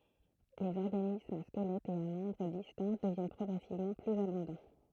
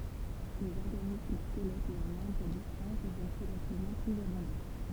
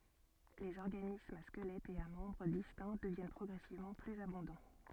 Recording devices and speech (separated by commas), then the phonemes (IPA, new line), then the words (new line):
throat microphone, temple vibration pickup, soft in-ear microphone, read sentence
lez ɔʁɡanismz a skəlɛtz e a mɑ̃bʁ distɛ̃ dəvjɛn pʁɔɡʁɛsivmɑ̃ plyz abɔ̃dɑ̃
Les organismes à squelettes et à membres distincts deviennent progressivement plus abondants.